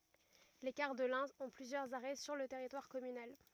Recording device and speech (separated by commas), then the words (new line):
rigid in-ear microphone, read sentence
Les cars de l'Ain ont plusieurs arrêts sur le territoire communal.